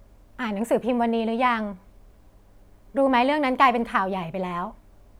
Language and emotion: Thai, neutral